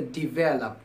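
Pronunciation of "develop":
'develop' is pronounced correctly here.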